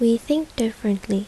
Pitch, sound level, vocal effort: 230 Hz, 74 dB SPL, soft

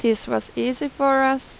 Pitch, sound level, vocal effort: 265 Hz, 89 dB SPL, loud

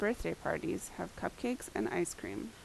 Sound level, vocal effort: 77 dB SPL, normal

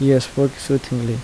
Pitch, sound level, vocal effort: 135 Hz, 76 dB SPL, soft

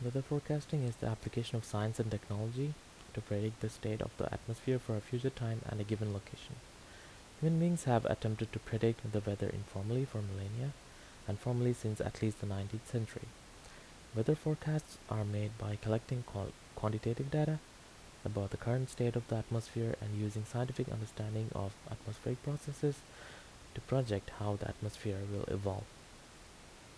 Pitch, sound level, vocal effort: 110 Hz, 75 dB SPL, soft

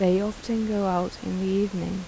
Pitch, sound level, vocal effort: 190 Hz, 81 dB SPL, soft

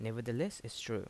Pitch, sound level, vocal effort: 115 Hz, 80 dB SPL, normal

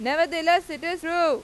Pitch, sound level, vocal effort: 335 Hz, 99 dB SPL, very loud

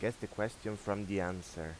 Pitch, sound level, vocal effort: 100 Hz, 85 dB SPL, normal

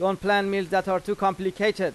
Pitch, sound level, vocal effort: 195 Hz, 94 dB SPL, loud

